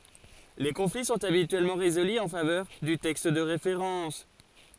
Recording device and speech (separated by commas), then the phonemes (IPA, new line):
forehead accelerometer, read sentence
le kɔ̃fli sɔ̃t abityɛlmɑ̃ ʁezoly ɑ̃ favœʁ dy tɛkst də ʁefeʁɑ̃s